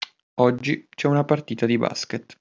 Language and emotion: Italian, neutral